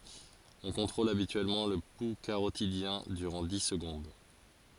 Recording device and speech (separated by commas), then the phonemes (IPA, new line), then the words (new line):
forehead accelerometer, read sentence
ɔ̃ kɔ̃tʁol abityɛlmɑ̃ lə pu kaʁotidjɛ̃ dyʁɑ̃ di səɡɔ̃d
On contrôle habituellement le pouls carotidien durant dix secondes.